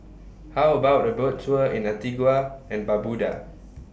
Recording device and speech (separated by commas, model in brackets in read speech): boundary microphone (BM630), read sentence